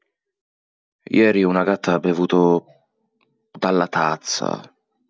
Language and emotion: Italian, sad